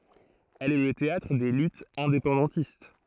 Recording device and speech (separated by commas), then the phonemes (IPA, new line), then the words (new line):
throat microphone, read sentence
ɛl ɛ lə teatʁ de lytz ɛ̃depɑ̃dɑ̃tist
Elle est le théâtre des luttes indépendantistes.